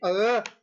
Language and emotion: Thai, angry